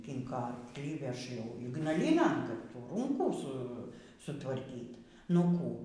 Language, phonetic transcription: Lithuanian, ˈkinko arklį ˈveš jau ygnaˈlynan ˈkad ˈtų ˈrūnkų ˈsu sutvarˈkyt' nu ˈkų

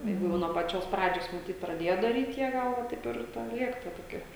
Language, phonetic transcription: Lithuanian, ˈjeigu ˈjau nuo paˈčios ˈpradžios maˈtyt praˈdėja daryt' ˈjie ˈgal ˈva ˈtaip ir ˈten ˈliek ta toˈkie

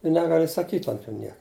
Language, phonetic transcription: Lithuanian, i ˈnegali saˈkyt' ant jų ˈniek

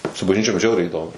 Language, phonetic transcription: Lithuanian, su bažˈnyčiom ˈžiauriai iˈdomu

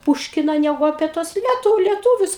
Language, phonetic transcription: Lithuanian, ˈpūškina ˈnegu apie ˈtuos ˈlietu lieˈtūvius

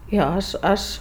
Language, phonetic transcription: Lithuanian, ˈjo ˈaš ˈaš

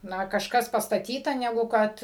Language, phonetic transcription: Lithuanian, ˈna kažˈkas pastaˈtyta neˈgu ˈkad

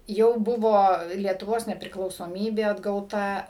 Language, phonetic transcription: Lithuanian, ˈjau ˈbuvo lietuˈvos nepriklausoˈmybė atgauˈta

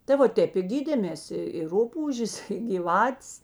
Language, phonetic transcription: Lithuanian, ta va ˈtėp i ˈgydėmės i i ˈrupūžės gyˈvatės

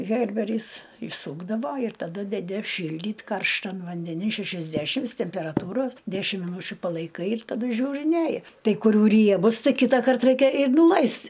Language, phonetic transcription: Lithuanian, ˈherberis išˈsūkdavo ir taˈdu deˈdi ˈšyldyt' ˈkarštan vandeˈni šėšiasˈdæšims tėmpėraˈtūra ˈdæšim miˈnūčiu palaiˈkai ir taˈdu ˈžiūriˈnėji ˈtai kuˈrių ˈriebus ˈtai ˈkitakart ˈraikia ir nuˈlaist'

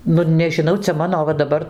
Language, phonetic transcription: Lithuanian, ˈnu nežiˈnau ˈcia ˈmano ˈva daˈbar

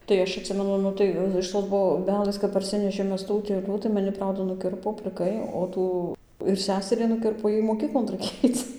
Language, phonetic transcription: Lithuanian, tai ˈaš atˈsimenu ˈnu tai iš ˌtos boˈbelės kap parˈsinešėm ˈmes tų utėˈlių ta maˈni ˈprauda nuˈkirpo pliˈkai o ˈtų ir ˈseserį nuˈkirpo ˈjai moˈkyklon raiˈkėj ˈaic

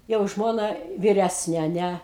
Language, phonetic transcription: Lithuanian, jau ˈžmona viˈræsnė a ˈne

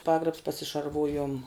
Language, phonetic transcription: Lithuanian, ˈpagrabs pasišarˈvūjom

